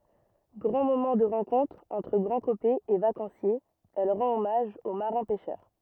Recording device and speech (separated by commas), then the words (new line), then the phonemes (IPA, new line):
rigid in-ear microphone, read sentence
Grand moment de rencontre entre Grandcopais et vacanciers, elle rend hommage aux marins pêcheurs.
ɡʁɑ̃ momɑ̃ də ʁɑ̃kɔ̃tʁ ɑ̃tʁ ɡʁɑ̃dkopɛz e vakɑ̃sjez ɛl ʁɑ̃t ɔmaʒ o maʁɛ̃ pɛʃœʁ